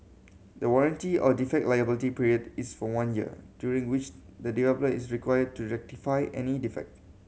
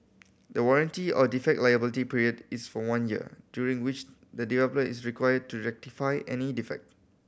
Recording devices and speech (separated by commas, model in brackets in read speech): mobile phone (Samsung C7100), boundary microphone (BM630), read sentence